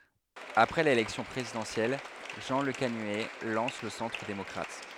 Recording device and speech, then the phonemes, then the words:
headset microphone, read sentence
apʁɛ lelɛksjɔ̃ pʁezidɑ̃sjɛl ʒɑ̃ ləkanyɛ lɑ̃s lə sɑ̃tʁ demɔkʁat
Après l'élection présidentielle, Jean Lecanuet lance le Centre démocrate.

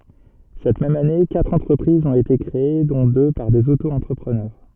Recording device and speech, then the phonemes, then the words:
soft in-ear microphone, read sentence
sɛt mɛm ane katʁ ɑ̃tʁəpʁizz ɔ̃t ete kʁee dɔ̃ dø paʁ dez otoɑ̃tʁəpʁənœʁ
Cette même année, quatre entreprises ont été créées dont deux par des Auto-entrepreneurs.

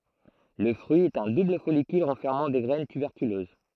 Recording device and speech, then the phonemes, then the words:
throat microphone, read sentence
lə fʁyi ɛt œ̃ dubl fɔlikyl ʁɑ̃fɛʁmɑ̃ de ɡʁɛn tybɛʁkyløz
Le fruit est un double follicule renfermant des graines tuberculeuses.

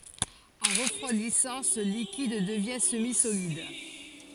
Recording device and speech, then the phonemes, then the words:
forehead accelerometer, read sentence
ɑ̃ ʁəfʁwadisɑ̃ sə likid dəvjɛ̃ səmizolid
En refroidissant, ce liquide devient semi-solide.

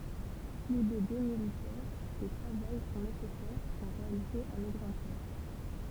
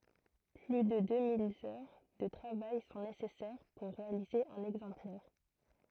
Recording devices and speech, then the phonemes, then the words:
temple vibration pickup, throat microphone, read sentence
ply də dø mil œʁ də tʁavaj sɔ̃ nesɛsɛʁ puʁ ʁealize œ̃n ɛɡzɑ̃plɛʁ
Plus de deux mille heures de travail sont nécessaires pour réaliser un exemplaire.

